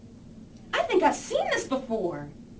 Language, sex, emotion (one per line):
English
female
happy